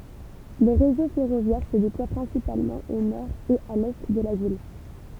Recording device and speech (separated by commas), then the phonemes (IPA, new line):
temple vibration pickup, read sentence
lə ʁezo fɛʁovjɛʁ sə deplwa pʁɛ̃sipalmɑ̃ o nɔʁ e a lɛ də la vil